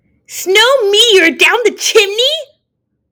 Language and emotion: English, disgusted